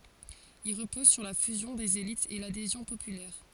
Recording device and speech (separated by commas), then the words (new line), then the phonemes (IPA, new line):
forehead accelerometer, read sentence
Il repose sur la fusion des élites et l'adhésion populaire.
il ʁəpɔz syʁ la fyzjɔ̃ dez elitz e ladezjɔ̃ popylɛʁ